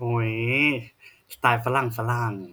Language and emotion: Thai, happy